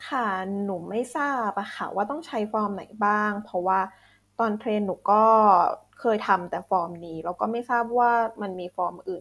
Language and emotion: Thai, neutral